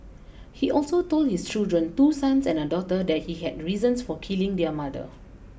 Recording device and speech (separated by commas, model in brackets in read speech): boundary microphone (BM630), read sentence